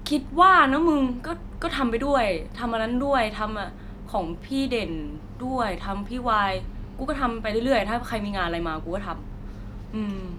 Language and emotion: Thai, neutral